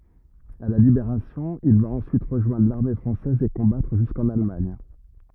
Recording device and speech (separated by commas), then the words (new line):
rigid in-ear microphone, read sentence
À la Libération, il va ensuite rejoindre l'armée française et combattre jusqu'en Allemagne.